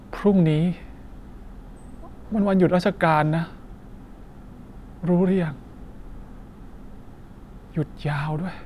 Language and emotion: Thai, frustrated